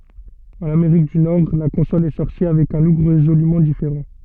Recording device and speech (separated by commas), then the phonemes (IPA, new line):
soft in-ear microphone, read sentence
ɑ̃n ameʁik dy nɔʁ la kɔ̃sɔl ɛ sɔʁti avɛk œ̃ luk ʁezolymɑ̃ difeʁɑ̃